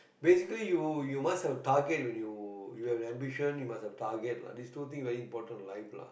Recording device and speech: boundary microphone, conversation in the same room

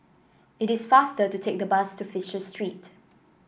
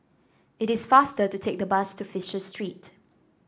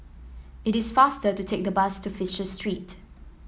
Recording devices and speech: boundary microphone (BM630), standing microphone (AKG C214), mobile phone (iPhone 7), read sentence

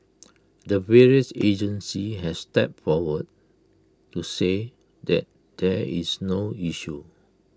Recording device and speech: close-talking microphone (WH20), read sentence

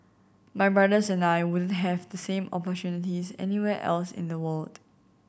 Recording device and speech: boundary microphone (BM630), read sentence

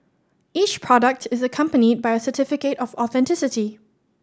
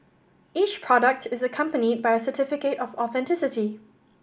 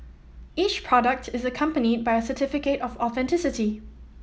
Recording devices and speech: standing microphone (AKG C214), boundary microphone (BM630), mobile phone (iPhone 7), read sentence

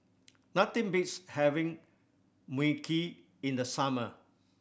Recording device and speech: boundary microphone (BM630), read sentence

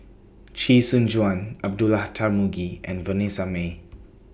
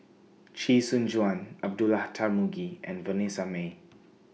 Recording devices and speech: boundary microphone (BM630), mobile phone (iPhone 6), read sentence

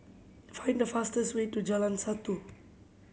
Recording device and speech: mobile phone (Samsung C7100), read sentence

